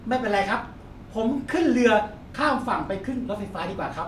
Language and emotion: Thai, happy